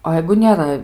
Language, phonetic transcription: Lithuanian, o ˈjeigu nėˈra

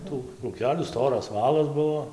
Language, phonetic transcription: Lithuanian, ˈtų krūˈkelių ˈstoras ˈvalas ˈbuo

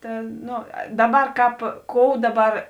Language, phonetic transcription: Lithuanian, ˈta ˈno ˈdaˌbar ˈkāp ˈkou ˈdaˌbar

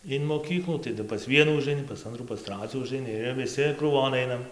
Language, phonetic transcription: Lithuanian, in moˈkyklų taˈdu pas ˈvienų užaiˈni pas ˈantrų pas ˈtracių užaiˈni ir viˈsi krūˈvon ˈainam

